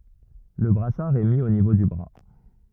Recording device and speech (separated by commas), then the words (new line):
rigid in-ear microphone, read sentence
Le brassard est mis au niveau du bras.